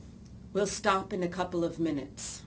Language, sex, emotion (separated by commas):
English, female, neutral